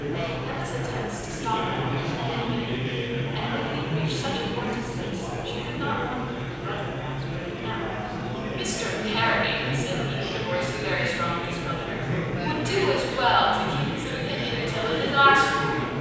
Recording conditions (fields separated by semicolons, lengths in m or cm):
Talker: one person; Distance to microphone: 7.1 m; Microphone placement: far; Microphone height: 1.7 m; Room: very reverberant, large; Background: babble